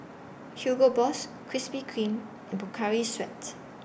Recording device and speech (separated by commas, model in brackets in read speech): boundary microphone (BM630), read sentence